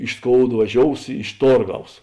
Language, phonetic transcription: Lithuanian, iš ˈskoud vaˈžious iš ˈtorˌgaus

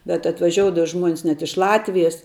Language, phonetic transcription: Lithuanian, bet atvaˈžioudava ˈžmuonis net iš ˈlatvijas

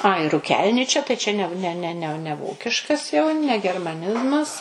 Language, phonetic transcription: Lithuanian, ai ruˈkelničia čia tai čia ˈne ˈne ne ˈne ne ˈvokiškas jau ne germaˈnizmas

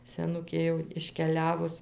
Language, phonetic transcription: Lithuanian, seˈnukė jau iškeˈliavus

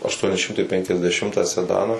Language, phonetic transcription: Lithuanian, ašˈtuoni ˈšimtai penkiasdeˈšimtą seˈdaną

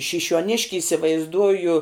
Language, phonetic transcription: Lithuanian, šišiuoˈniški isivaizˈduoju

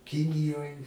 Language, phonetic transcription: Lithuanian, ˈkinijoj

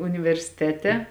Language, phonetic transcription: Lithuanian, universiˈtete

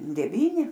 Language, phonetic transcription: Lithuanian, deˈvyni

